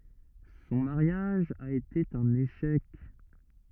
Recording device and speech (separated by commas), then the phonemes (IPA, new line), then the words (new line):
rigid in-ear microphone, read sentence
sɔ̃ maʁjaʒ a ete œ̃n eʃɛk
Son mariage a été un échec.